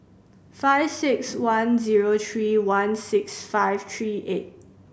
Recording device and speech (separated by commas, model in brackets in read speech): boundary microphone (BM630), read sentence